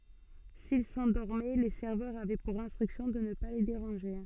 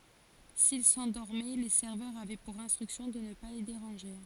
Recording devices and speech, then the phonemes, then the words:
soft in-ear microphone, forehead accelerometer, read sentence
sil sɑ̃dɔʁmɛ le sɛʁvœʁz avɛ puʁ ɛ̃stʁyksjɔ̃ də nə pa le deʁɑ̃ʒe
S'ils s'endormaient, les serveurs avaient pour instruction de ne pas les déranger.

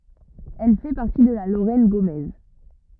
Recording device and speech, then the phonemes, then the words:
rigid in-ear microphone, read sentence
ɛl fɛ paʁti də la loʁɛn ɡomɛz
Elle fait partie de la Lorraine gaumaise.

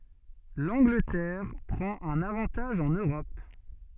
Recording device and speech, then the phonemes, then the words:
soft in-ear microphone, read sentence
lɑ̃ɡlətɛʁ pʁɑ̃t œ̃n avɑ̃taʒ ɑ̃n øʁɔp
L'Angleterre prend un avantage en Europe.

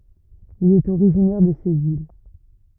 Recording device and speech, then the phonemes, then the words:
rigid in-ear microphone, read sentence
il ɛt oʁiʒinɛʁ də sez il
Il est originaire de ces îles.

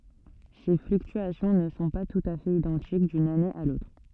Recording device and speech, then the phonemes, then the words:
soft in-ear microphone, read sentence
se flyktyasjɔ̃ nə sɔ̃ pa tut a fɛt idɑ̃tik dyn ane a lotʁ
Ces fluctuations ne sont pas tout à fait identiques d'une année à l'autre.

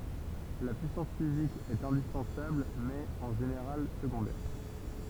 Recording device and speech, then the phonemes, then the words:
temple vibration pickup, read sentence
la pyisɑ̃s fizik ɛt ɛ̃dispɑ̃sabl mɛz ɛt ɑ̃ ʒeneʁal səɡɔ̃dɛʁ
La puissance physique est indispensable mais est en général secondaire.

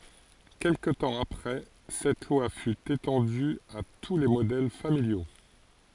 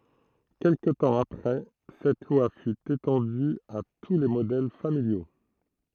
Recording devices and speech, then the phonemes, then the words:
forehead accelerometer, throat microphone, read sentence
kɛlkə tɑ̃ apʁɛ sɛt lwa fy etɑ̃dy a tu le modɛl familjo
Quelque temps après cette loi fut étendue à tous les modèles familiaux.

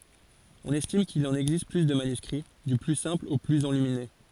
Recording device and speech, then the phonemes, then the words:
forehead accelerometer, read sentence
ɔ̃n ɛstim kil ɑ̃n ɛɡzist ply də manyskʁi dy ply sɛ̃pl o plyz ɑ̃lymine
On estime qu'il en existe plus de manuscrits, du plus simple au plus enluminé.

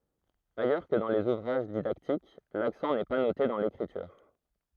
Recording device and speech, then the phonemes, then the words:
throat microphone, read sentence
ajœʁ kə dɑ̃ lez uvʁaʒ didaktik laksɑ̃ nɛ pa note dɑ̃ lekʁityʁ
Ailleurs que dans les ouvrages didactiques, l'accent n'est pas noté dans l'écriture.

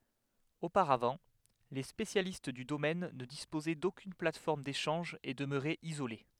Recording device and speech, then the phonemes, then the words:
headset microphone, read sentence
opaʁavɑ̃ le spesjalist dy domɛn nə dispozɛ dokyn platfɔʁm deʃɑ̃ʒ e dəmøʁɛt izole
Auparavant, les spécialistes du domaine ne disposaient d’aucune plateforme d’échange et demeuraient isolés.

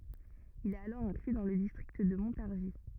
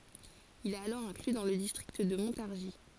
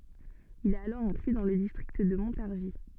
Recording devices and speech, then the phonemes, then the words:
rigid in-ear microphone, forehead accelerometer, soft in-ear microphone, read sentence
il ɛt alɔʁ ɛ̃kly dɑ̃ lə distʁikt də mɔ̃taʁʒi
Il est alors inclus dans le district de Montargis.

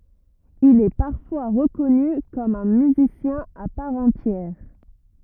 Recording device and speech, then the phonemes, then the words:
rigid in-ear microphone, read sentence
il ɛ paʁfwa ʁəkɔny kɔm œ̃ myzisjɛ̃ a paʁ ɑ̃tjɛʁ
Il est parfois reconnu comme un musicien à part entière.

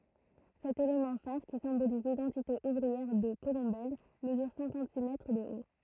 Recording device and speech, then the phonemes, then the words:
throat microphone, read sentence
sɛt elemɑ̃ faʁ ki sɛ̃boliz lidɑ̃tite uvʁiɛʁ də kolɔ̃bɛl məzyʁ sɛ̃kɑ̃t si mɛtʁ də o
Cet élément phare, qui symbolise l'identité ouvrière de Colombelles, mesure cinquante-six mètres de haut.

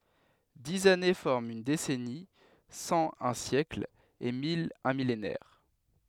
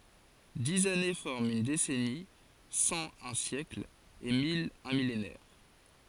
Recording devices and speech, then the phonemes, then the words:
headset microphone, forehead accelerometer, read sentence
diz ane fɔʁmt yn desɛni sɑ̃ œ̃ sjɛkl e mil œ̃ milenɛʁ
Dix années forment une décennie, cent un siècle et mille un millénaire.

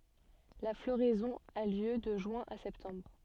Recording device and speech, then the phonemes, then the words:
soft in-ear microphone, read sentence
la floʁɛzɔ̃ a ljø də ʒyɛ̃ a sɛptɑ̃bʁ
La floraison a lieu de juin à septembre.

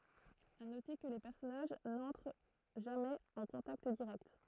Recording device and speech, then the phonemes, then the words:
throat microphone, read sentence
a note kə le pɛʁsɔnaʒ nɑ̃tʁ ʒamɛz ɑ̃ kɔ̃takt diʁɛkt
À noter que les personnages n'entrent jamais en contact direct.

